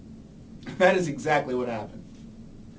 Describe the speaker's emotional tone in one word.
neutral